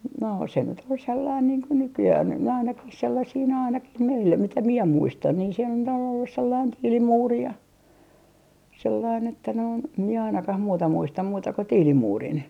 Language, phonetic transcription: Finnish, no , se nyt ‿ol sellain niiŋ ko 'nykyjäh on nyt nää ainakih sellasii nää ainakih meillä 'mitä 'mie 'muistan niin se nyt ‿on ollus sellain 'tiilimuuri ja , sellain että noin , mie ainakah 'muuta 'muistam 'muuta ko "tiilimuurin .
- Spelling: no se nyt oli sellainen niin kuin nykyään on nyt nämä ainakin sellaisia nämä ainakin meillä mitä minä muistan niin se nyt on ollut sellainen tiilimuuri ja sellainen että noin minä ainakaan muuta muista muuta kuin tiilimuurin

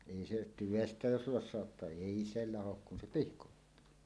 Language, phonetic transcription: Finnish, 'èi se "tyvestä 'jos 'los̆saottaa "èi 'se 'lahok kun 'se "pihkottuu .
- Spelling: ei se tyvestä jos lossauttaa ei se laho kun se pihkoittuu

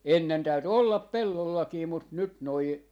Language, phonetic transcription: Finnish, 'ennen 'täyty "ollap "pellollakii mut nyt noi , .
- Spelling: ennen täytyi olla pellollakin mutta nyt nuo

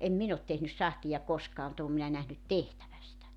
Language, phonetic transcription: Finnish, em 'min ‿ot tehnys 'sahtija 'koskaa mu't ‿oom minä nähnyt "tehtävä sitä .
- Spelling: en minä ole tehnyt sahtia koskaan mutta olen minä nähnyt tehtävän sitä

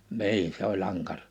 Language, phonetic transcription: Finnish, 'ni̬in , 'se ‿oĺ 'aŋkarᴀ .
- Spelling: niin se oli ankara

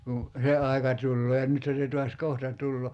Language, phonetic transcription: Finnish, kun̬ , "se 'aika 'tullee (ja) 'nythä se tuas "kohta 'tullo .
- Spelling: kun se aika tulee ja nythän se taas kohta tulee

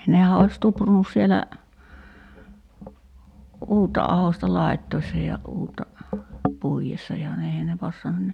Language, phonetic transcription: Finnish, 'nehä ois 'tuprunus sielä , "uutta 'ahosta 'lai̬ttoissa ja 'uutta , 'puijessa ja (ne) 'eihän ne 'passanun ni ,.
- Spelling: nehän olisi tuprunnut siellä uutta ahdosta laittaessa ja uutta puidessa ja ne eihän ne passannut niin

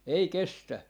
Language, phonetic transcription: Finnish, 'ei 'kestä .
- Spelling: ei kestä

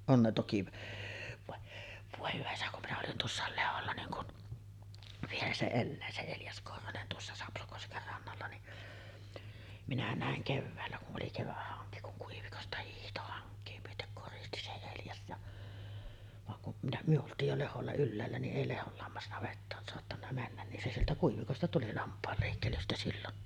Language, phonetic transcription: Finnish, 'on ne toki va , 'vòe hyvä isä kum minä olin "tuossàel 'Leholla niiŋ kun , 'vielä se "ellää se 'Eljas Korhonen tuossa 'Sapsokosker rannalla ni’ , minä 'nä̀eŋ "kevväällä ku’ ’oli 'kevähhaŋki kuŋ 'Kuivikosta hiihto haŋk̀ee myötek koristi se 'Eljas ja , vaŋ ku’ , minä , myö 'olt̆tiij jo 'leholla "ylläällä niˀ 'ˀèi 'Lehol lammasnavettaan soattanna 'männän nin se sieltä 'Kuivikosta tuli 'lamp̆paal lèikkelystä sillon .
- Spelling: on ne toki vaan voi hyvä isä kun minä olin tuossa Lehdolla niin kun vielä se elää se Eljas Korhonen tuossa Sapsokosken rannalla niin minä näin keväällä kun oli keväthanki kun Kuivikosta hiihti hankea myöten koristi se Eljas ja vaan kun minä me oltiin jo Lehdolla ylhäällä niin ei Lehdon lammasnavettaan saattanut mennä niin se sieltä Kuivikosta tuli lampaan leikkelystä silloin

